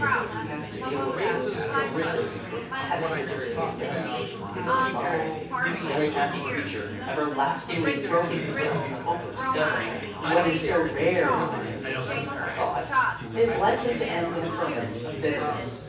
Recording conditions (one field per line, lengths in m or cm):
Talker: one person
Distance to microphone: 9.8 m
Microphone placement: far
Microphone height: 1.8 m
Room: large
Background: babble